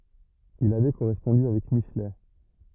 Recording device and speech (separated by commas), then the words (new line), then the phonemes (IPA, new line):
rigid in-ear microphone, read sentence
Il avait correspondu avec Michelet.
il avɛ koʁɛspɔ̃dy avɛk miʃlɛ